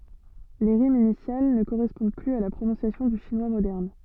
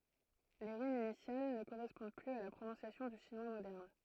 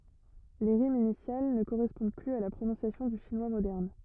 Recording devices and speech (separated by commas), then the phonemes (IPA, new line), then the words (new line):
soft in-ear microphone, throat microphone, rigid in-ear microphone, read sentence
le ʁimz inisjal nə koʁɛspɔ̃d plyz a la pʁonɔ̃sjasjɔ̃ dy ʃinwa modɛʁn
Les rimes initiales ne correspondent plus à la prononciation du chinois moderne.